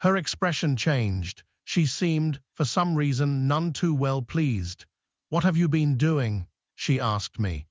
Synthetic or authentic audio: synthetic